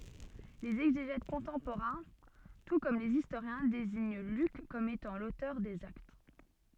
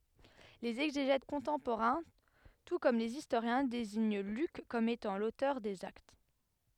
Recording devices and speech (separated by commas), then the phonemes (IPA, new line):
soft in-ear microphone, headset microphone, read sentence
lez ɛɡzeʒɛt kɔ̃tɑ̃poʁɛ̃ tu kɔm lez istoʁjɛ̃ deziɲ lyk kɔm etɑ̃ lotœʁ dez akt